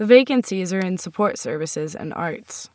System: none